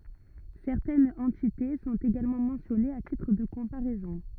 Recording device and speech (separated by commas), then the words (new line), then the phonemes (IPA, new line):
rigid in-ear microphone, read sentence
Certaines entités sont également mentionnées à titre de comparaison.
sɛʁtɛnz ɑ̃tite sɔ̃t eɡalmɑ̃ mɑ̃sjɔnez a titʁ də kɔ̃paʁɛzɔ̃